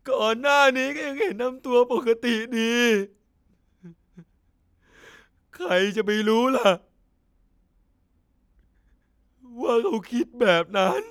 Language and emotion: Thai, sad